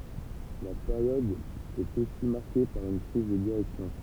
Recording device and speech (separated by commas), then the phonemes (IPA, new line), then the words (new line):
temple vibration pickup, read sentence
la peʁjɔd ɛt osi maʁke paʁ yn kʁiz də diʁɛksjɔ̃
La période est aussi marquée par une crise de direction.